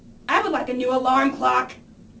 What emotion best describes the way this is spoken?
angry